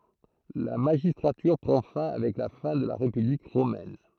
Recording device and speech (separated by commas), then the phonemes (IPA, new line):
throat microphone, read sentence
la maʒistʁatyʁ pʁɑ̃ fɛ̃ avɛk la fɛ̃ də la ʁepyblik ʁomɛn